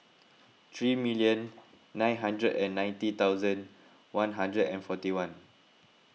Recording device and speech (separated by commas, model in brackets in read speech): mobile phone (iPhone 6), read sentence